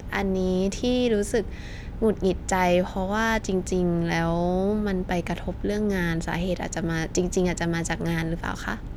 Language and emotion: Thai, frustrated